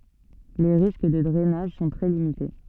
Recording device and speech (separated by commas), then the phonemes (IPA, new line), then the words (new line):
soft in-ear microphone, read sentence
le ʁisk də dʁɛnaʒ sɔ̃ tʁɛ limite
Les risques de drainage sont très limités.